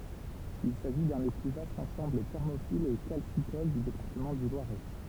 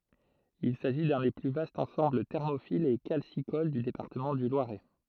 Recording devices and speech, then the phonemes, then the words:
temple vibration pickup, throat microphone, read sentence
il saʒi dœ̃ de ply vastz ɑ̃sɑ̃bl tɛʁmofilz e kalsikol dy depaʁtəmɑ̃ dy lwaʁɛ
Il s'agit d'un des plus vastes ensembles thermophiles et calcicoles du département du Loiret.

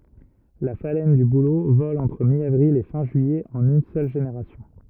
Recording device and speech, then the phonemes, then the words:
rigid in-ear microphone, read sentence
la falɛn dy bulo vɔl ɑ̃tʁ mjavʁil e fɛ̃ ʒyijɛ ɑ̃n yn sœl ʒeneʁasjɔ̃
La phalène du bouleau vole entre mi-avril et fin juillet en une seule génération.

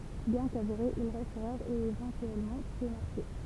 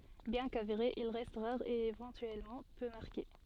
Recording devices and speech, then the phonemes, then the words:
temple vibration pickup, soft in-ear microphone, read sentence
bjɛ̃ kaveʁe il ʁɛst ʁaʁ e evɑ̃tyɛlmɑ̃ pø maʁke
Bien qu'avéré, il reste rare et éventuellement peu marqué.

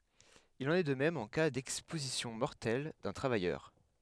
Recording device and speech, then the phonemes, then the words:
headset microphone, read sentence
il ɑ̃n ɛ də mɛm ɑ̃ ka dɛkspozisjɔ̃ mɔʁtɛl dœ̃ tʁavajœʁ
Il en est de même en cas d'exposition mortelle d'un travailleur.

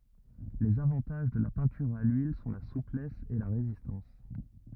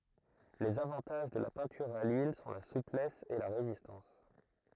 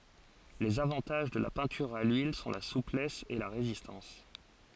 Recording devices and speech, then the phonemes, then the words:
rigid in-ear microphone, throat microphone, forehead accelerometer, read sentence
lez avɑ̃taʒ də la pɛ̃tyʁ a lyil sɔ̃ la suplɛs e la ʁezistɑ̃s
Les avantages de la peinture à l’huile sont la souplesse et la résistance.

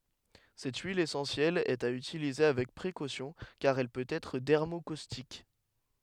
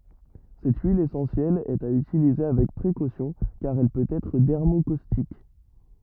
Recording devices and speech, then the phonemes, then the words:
headset microphone, rigid in-ear microphone, read sentence
sɛt yil esɑ̃sjɛl ɛt a ytilize avɛk pʁekosjɔ̃ kaʁ ɛl pøt ɛtʁ dɛʁmokostik
Cette huile essentielle est à utiliser avec précautions car elle peut être dermocaustique.

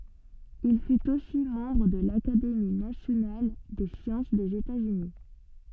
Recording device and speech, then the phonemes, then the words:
soft in-ear microphone, read sentence
il fyt osi mɑ̃bʁ də lakademi nasjonal de sjɑ̃s dez etatsyni
Il fut aussi membre de l'Académie nationale des sciences des États-Unis.

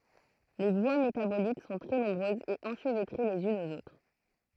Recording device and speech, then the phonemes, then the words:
throat microphone, read sentence
le vwa metabolik sɔ̃ tʁɛ nɔ̃bʁøzz e ɑ̃ʃvɛtʁe lez ynz oz otʁ
Les voies métaboliques sont très nombreuses et enchevêtrées les unes aux autres.

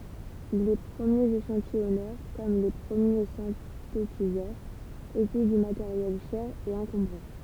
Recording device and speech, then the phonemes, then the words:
temple vibration pickup, read sentence
le pʁəmjez eʃɑ̃tijɔnœʁ kɔm le pʁəmje sɛ̃tetizœʁz etɛ dy mateʁjɛl ʃɛʁ e ɑ̃kɔ̃bʁɑ̃
Les premiers échantillonneurs, comme les premiers synthétiseurs, étaient du matériel cher et encombrant.

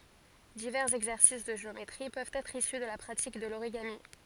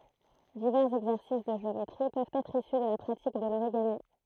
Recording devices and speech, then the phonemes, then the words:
forehead accelerometer, throat microphone, read sentence
divɛʁz ɛɡzɛʁsis də ʒeometʁi pøvt ɛtʁ isy də la pʁatik də loʁiɡami
Divers exercices de géométrie peuvent être issus de la pratique de l'origami.

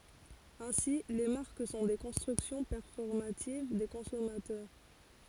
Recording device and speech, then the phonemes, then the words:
forehead accelerometer, read sentence
ɛ̃si le maʁk sɔ̃ de kɔ̃stʁyksjɔ̃ pɛʁfɔʁmativ de kɔ̃sɔmatœʁ
Ainsi, les marques sont des constructions performatives des consommateurs.

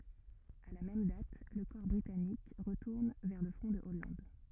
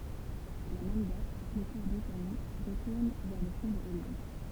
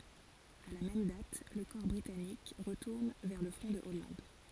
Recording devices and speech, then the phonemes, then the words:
rigid in-ear microphone, temple vibration pickup, forehead accelerometer, read sentence
a la mɛm dat lə kɔʁ bʁitanik ʁətuʁn vɛʁ lə fʁɔ̃ də ɔlɑ̃d
À la même date, le corps britannique retourne vers le front de Hollande.

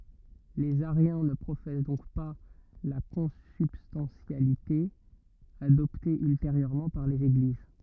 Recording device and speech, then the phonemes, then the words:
rigid in-ear microphone, read sentence
lez aʁjɛ̃ nə pʁofɛs dɔ̃k pa la kɔ̃sybstɑ̃tjalite adɔpte ylteʁjøʁmɑ̃ paʁ lez eɡliz
Les ariens ne professent donc pas la consubstantialité, adoptée ultérieurement par les Églises.

